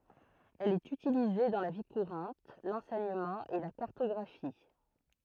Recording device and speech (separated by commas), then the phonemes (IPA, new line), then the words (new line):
throat microphone, read sentence
ɛl ɛt ytilize dɑ̃ la vi kuʁɑ̃t lɑ̃sɛɲəmɑ̃ e la kaʁtɔɡʁafi
Elle est utilisée dans la vie courante, l'enseignement et la cartographie.